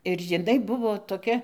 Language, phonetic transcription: Lithuanian, ir jiˈnai ˈbuvo toˈkia

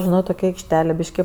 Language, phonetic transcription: Lithuanian, žiˈnau toˈkia aikšˈtelė ˈbiški

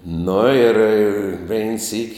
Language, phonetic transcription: Lithuanian, nu ir ˈvein sykˈ

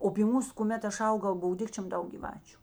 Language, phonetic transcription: Lithuanian, o py ˈmūs kuˈmet ˈaš ˈaugau ˈbuvo ˈdikčiom ˈdaug gyˈvačiu

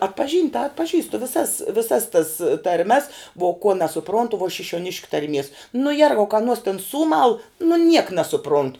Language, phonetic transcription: Lithuanian, atpaˈžynt' ta atpaˈžįstu viˈsas viˈsas tas tarˈmes vuo ko nesuˈprontu vuo šišiuoˈniškiu tarˈmies nu ˈjergau ka aˈnuos tin ˈsūmal nu niek nesuˈprontu

